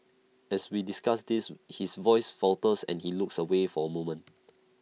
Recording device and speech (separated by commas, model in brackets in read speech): mobile phone (iPhone 6), read sentence